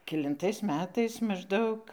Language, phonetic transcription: Lithuanian, kelinˈtais ˈmetais mažˈdaug

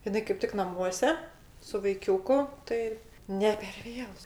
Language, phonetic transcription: Lithuanian, iˈnai kaip ˈtik naˈmuose su vaiˈkiūku ˈtai ne per ˈvėlu

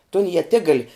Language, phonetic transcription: Lithuanian, ton ieˈtigal

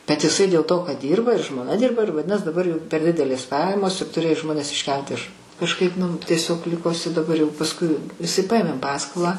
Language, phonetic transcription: Lithuanian, bet iˈsai dėl to kad ˈdyrba ir žmoˈna ˈdirba ir vaˈdinas daˈbar jau per ˈdidelės ˈpajamos ir tuˈrėjo ˈžmones išˈkelt iš kažˈkaip nu ˈtiesiog ˈliko iˈsai daˈbar jau pasˈkui iˈsai ˈpaėmėm ˈpaskolą

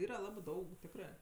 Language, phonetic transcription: Lithuanian, ˈyra ˈlabɜ ˈdaug ˈtikrɜ

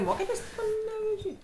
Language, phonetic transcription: Lithuanian, ˈmoketės' paneveˈžy

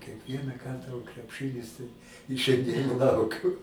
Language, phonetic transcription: Lithuanian, kiekˈvieną ˈkartą o krepˈšɨnis tai i šianˈdien ˈlaukiu

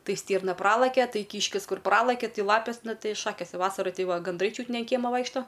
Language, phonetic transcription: Lithuanian, ˈtai ˈstyrna ˈpralakia ˈtai ˈkyškis ˈkur ˈpralakia ˈti ˈlapės ˈnu ˈtai ˈšakės ˈvasara ˈti ˈva ganˈdrai ˈčiūt ne an ˈkiemo ˈvaikšto

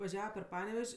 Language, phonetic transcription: Lithuanian, vaˈžiava per ˈpanevež'

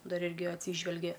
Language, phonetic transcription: Lithuanian, ˈdar ˈirgi atˈsyžvelge

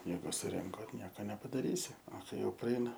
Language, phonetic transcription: Lithuanian, ˈjeigu suˈrinko ˈnieka nepadaˈrysi o ˈkai ˈjau praˈeina

